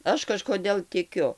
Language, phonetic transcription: Lithuanian, ˈaš kažkoˈdėl tiˈkiu

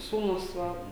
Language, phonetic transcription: Lithuanian, ˈsūnus ˈva

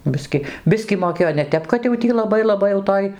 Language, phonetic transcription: Lithuanian, ˈbiski ˈbiskį moˈkėjo ne ˈtep kad jau ˈtį laˈbai laˈbai jau ˈtoj

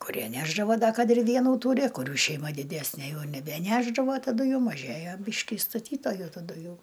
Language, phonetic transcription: Lithuanian, kuˈrie ˈnešdavo ˈda ˈkad ir ˈvienų ˈtūri kuˈrių šeiˈma diˈdesnė ˈjau nebeˈnešdavo taˈdu jų maˈžėjo ˈbyški i staˈtytoju taˈdu ˈjau

